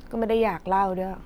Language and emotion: Thai, frustrated